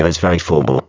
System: VC, spectral filtering